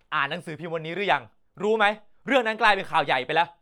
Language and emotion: Thai, angry